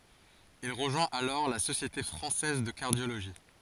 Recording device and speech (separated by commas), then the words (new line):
forehead accelerometer, read sentence
Il rejoint alors la Société française de cardiologie.